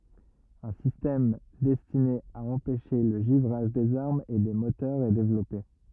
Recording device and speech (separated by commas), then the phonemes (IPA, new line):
rigid in-ear microphone, read sentence
œ̃ sistɛm dɛstine a ɑ̃pɛʃe lə ʒivʁaʒ dez aʁmz e de motœʁz ɛ devlɔpe